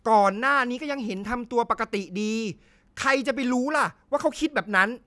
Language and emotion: Thai, angry